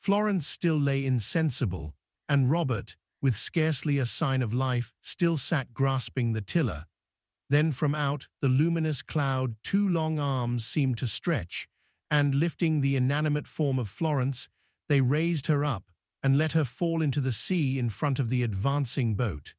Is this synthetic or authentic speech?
synthetic